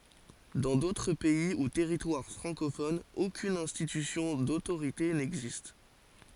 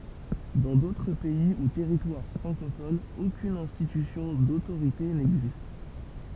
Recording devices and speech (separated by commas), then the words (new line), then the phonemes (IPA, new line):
forehead accelerometer, temple vibration pickup, read sentence
Dans d'autres pays ou territoires francophones, aucune institution d'autorité n'existe.
dɑ̃ dotʁ pɛi u tɛʁitwaʁ fʁɑ̃kofonz okyn ɛ̃stitysjɔ̃ dotoʁite nɛɡzist